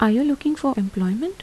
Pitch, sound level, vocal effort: 270 Hz, 78 dB SPL, soft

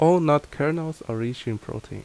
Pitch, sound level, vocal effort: 145 Hz, 79 dB SPL, normal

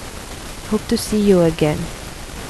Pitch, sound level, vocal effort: 195 Hz, 77 dB SPL, soft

